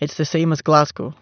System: none